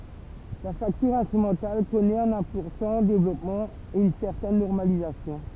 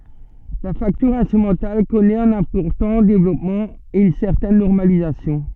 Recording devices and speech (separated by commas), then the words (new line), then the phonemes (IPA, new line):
temple vibration pickup, soft in-ear microphone, read sentence
La facture instrumentale connaît un important développement et une certaine normalisation.
la faktyʁ ɛ̃stʁymɑ̃tal kɔnɛt œ̃n ɛ̃pɔʁtɑ̃ devlɔpmɑ̃ e yn sɛʁtɛn nɔʁmalizasjɔ̃